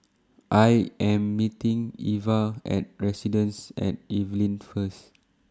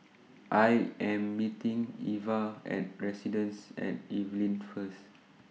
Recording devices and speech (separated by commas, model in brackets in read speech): standing microphone (AKG C214), mobile phone (iPhone 6), read sentence